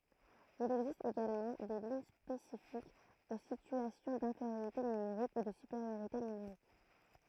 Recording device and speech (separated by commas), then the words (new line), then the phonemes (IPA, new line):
throat microphone, read sentence
Il existe également des lignes spécifiques aux situations d’infériorité numérique ou de supériorité numérique.
il ɛɡzist eɡalmɑ̃ de liɲ spesifikz o sityasjɔ̃ dɛ̃feʁjoʁite nymeʁik u də sypeʁjoʁite nymeʁik